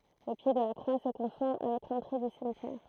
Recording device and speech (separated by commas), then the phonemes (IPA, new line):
throat microphone, read sentence
lə pje də la kʁwa sə kɔ̃fɔ̃ avɛk lɑ̃tʁe dy simtjɛʁ